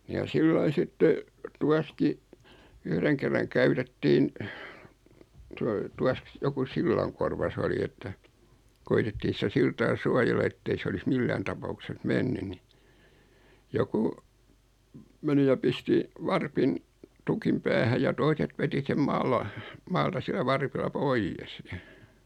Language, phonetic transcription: Finnish, ja 'sillai 'sitte , 'tuaski , 'yhreŋ kerraŋ 'käytettiin , 'toi- , 'tuask- , joku 'sillaŋkorva s ‿oli että , 'koitettii sⁱtä 'siltaa "suajella ettei 's ‿olis 'millään tapaukses 'menny ni , joku , 'meni ja 'pisti , 'varpin , 'tukim "päähäʲ ja 'toiset veti 'sem 'maala , 'maalta sillä 'varpilla "poijjes .
- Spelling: ja sillä lailla sitten tuossakin yhden kerran käytettiin - - joku sillankorva se oli että koetettiin sitä siltaa suojella että ei se olisi millään tapauksessa mennyt niin joku meni ja pisti varpin tukin päähän ja toiset veti sen - maalta sillä varpilla pois

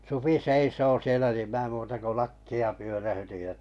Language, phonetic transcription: Finnish, 'supi "seisoo 'sielä nim mⁱä̀ 'muuta ko "lakki₍a 'pyörähytij jᵃ ,.
- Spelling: supi seisoo siellä niin minä muuta kuin lakkia pyöräytin ja

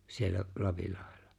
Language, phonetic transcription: Finnish, siellä , 'Lapillaʜᴇʟʟᴀ .
- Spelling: siellä Lapinlahdella

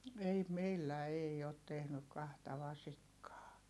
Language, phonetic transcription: Finnish, ei meillä ei ot tehnyk kahta vasikkaa .
- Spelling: ei meillä ei ole tehnyt kahta vasikkaa

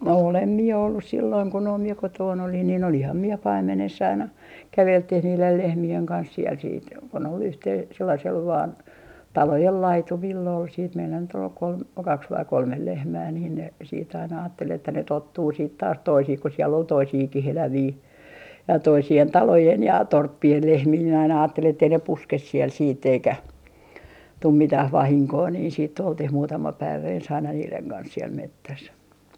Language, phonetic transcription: Finnish, 'olem mie ollus 'sillooŋ ko noim mie 'kotoon olin nin 'oliham mie "paim̆meness ‿aina , 'kävelttih niilel "lehmi₍eŋ 'kans siɛl siit ko ne ol yhte- , sellasel vaan , "talojel 'laitumill ‿ol siit meillä nyt ‿ol 'kolm- , "kaks vai 'kolmel 'lehmää niin ne , siit aina aattel että ne "tottuu siit taas 'toisih ku siell ‿ol "toisiiki'h'elävii , ja toisi₍en "talojen ja "torppi₍en 'lehmii minä aina 'aattelin ettei ne "puskes siel siit't ‿eikä , tum 'mitäh "vahiŋkoo nii siitt ‿oltih 'muutama 'päivä ens aina niileŋ kans siel 'mettäs .
- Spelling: olen minä ollut silloin kun noin minä kotona olin niin olinhan minä paimenessa aina käveltiin niiden lehmien kanssa siellä sitten kun ne oli - sellaisella vain talojen laitumilla oli sitten meillä nyt oli - kaksi vai kolme lehmää niin ne sitten aina ajatteli että ne tottuu sitten taas toisiin kun siellä oli toisiakin eläviä ja toisien talojen ja torppien lehmiä minä aina ajattelin että ei ne puske siellä sitten eikä tule mitään vahinkoa niin sitten oltiin muutama päivä ensin aina niiden kanssa siellä metsässä

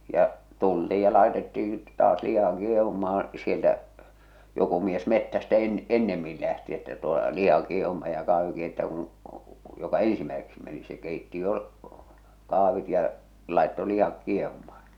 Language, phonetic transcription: Finnish, ja , 'tultiij ja 'làetetti,i , taas 'liha 'kieh̬uma,aa̰ sieltä , joku mies 'mettästä en- "ennemmil lähti että toe , 'liha kieh̬umaj ja 'kah̬viŋ keittää kuṵ , joka "eḛsimäeseksi meni se 'kèitti jo , 'kàh̬vit ja , làḙtto 'lih̬ak "kieh̬umaaɴ .
- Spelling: ja tultiin ja laitettiin taas liha kiehumaan sieltä joku mies metsästä - ennemmin lähti että tuo liha kiehumaan ja kahvin keittää kun joka ensimmäiseksi meni se keitti jo kahvit ja laittoi lihat kiehumaan

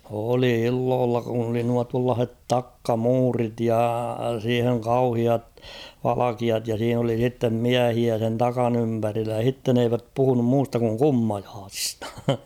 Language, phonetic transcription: Finnish, oli 'illoolla kun ‿oli nua tuallaah̬et "takka'muurit ja siiheŋ 'kauhiat , 'valakiat ja siin ‿oli sittem "miähiä sen 'takan ‿ympärillä (ja) 'h̬itten ‿eiväp 'puhunum 'muusta kuŋ "kummajaasistᴀ .
- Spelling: oli illoilla kun oli nuo tuollaiset takkamuurit ja siihen kauheat valkeat ja siinä oli sitten miehiä sen takan ympärillä ja sitten eivät puhunut muusta kuin kummajaisista

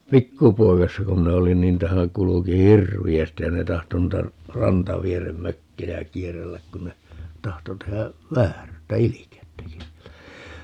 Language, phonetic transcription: Finnish, "pikkupoikassa ku 'minä olin ni ‿'ntähä 'kuluki "hirvi₍ästij ja ne 'tahto nuita , 'rantavierem "mökkejä 'kierrelläk kun ne , 'tahto tehä , 'vääryyttä "ilikey̬ttäki (siellä) .
- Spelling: pikkupoikasena kun minä olin niin niitähän kulki hirveästi ja ne tahtoi noita rantavieren mökkejä kierrellä kun ne tahtoi tehdä vääryyttä ilkeyttäkin siellä

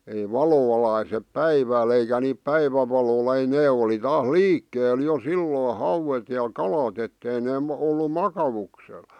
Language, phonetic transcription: Finnish, ei "valo valaisep "päivääl eikä niip 'päivävalolᴀ ei 'nee oli 'taas "liikkeel jo "silloo "hauwet ja "kalat ‿ettei nee m- , ollu "makavuksel .
- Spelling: ei valo valaise päivällä eikä niitä päivänvalolla ei ne oli taas liikkeellä jo silloin hauet ja kalat että ei ne - ollut makauksella

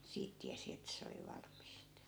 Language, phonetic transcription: Finnish, 'siit tiäsi ettᵃ̈ 'se oli 'valm̆mist .
- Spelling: siitä tiesi että se oli valmista

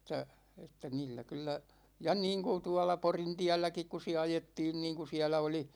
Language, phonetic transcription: Finnish, ət̆tä , että 'niillä 'kyl̆lä ., ja 'niiŋku 'tuala "Porintiälläkik ku siä "ajettiin niiŋku 'siälä oli ,.
- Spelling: että että niillä kyllä ja niin kuin tuolla Porintielläkin kun siellä ajettiin niin kun siellä oli

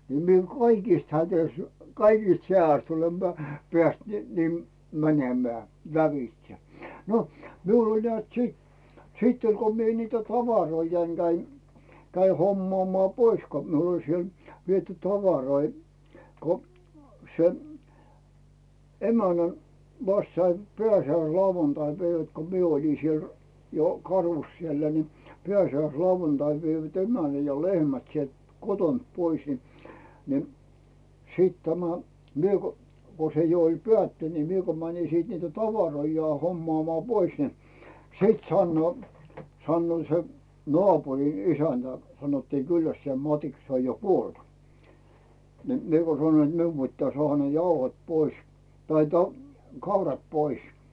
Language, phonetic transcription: Finnish, ni mie "kaikìst 'hätöⁱst , "kaikist 'heä₍äst olem peä̀- , 'peä̀st nii , ni 'mäńemää , lävitse , no , 'miul ‿oĺ nᵉä̀t 'sit , 'sitt ‿oĺ ko mie nitä "tavaroijaiŋ 'Gäin , käi 'hommᵒàmᵒà "pois ko miul ‿oĺ 'siel , 'viety "tavaroi , ko , se , 'emänän̬ , 'vast saim "pᵉä̀si₍äis'iauvantaipäivät ko mie oli siel , jo 'karus sielä ni 'pᵉäsi₍äis'lauvantaiv veivät "emänä ja "lehmät sielt 'kotont 'pois ni , ni , siit tämä , 'mie ko , ko se jo ‿ol "pᵉä̀tty(nD) ni 'mie ko mäni sìt niitä "tavaroijai 'hommᵒàmᵒà "pois ni , 'sìt sannᵘoo , sannᵘò se , "nᵒàpurin ‿"isäntä , sanottii 'kyllästisᴇ "Matiks se oj jo 'kuolt , ni , 'miᵉ ko sanoⁱn ‿t 'miu pittää 'sᵒàha ne "jauhot pois , tai ta- , 'kaurat "pois .
- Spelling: niin minä kaikista hädistä kaikista hädästä olen - päässyt niin niin menemään lävitse no minulla oli näet sitten sitten oli kun minä niitä tavaroitani kävin kävin hommaamaan pois kun minulla oli siellä viety tavaroita kun se emännän vasta sain pääsiäislauantaipäivät kun minä olin siellä jo karussa siellä niin pääsiäislauantaina veivät emännän ja lehmät sieltä kotoa pois niin niin sitten tämä minä kun kun se jo oli päättynyt niin minä kun menin sitten niitä tavaroitani hommaamaan pois niin sitten sanoo sanoo se naapurin isäntä sanottiin Kyllästisen Matiksi se on jo kuollut niin minä kun sanoin että minun pitää saada ne jauhot pois tai - kaurat pois

